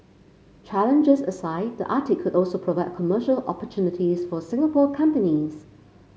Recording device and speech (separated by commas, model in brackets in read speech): mobile phone (Samsung C5), read sentence